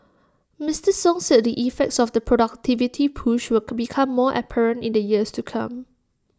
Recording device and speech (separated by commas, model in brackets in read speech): standing microphone (AKG C214), read sentence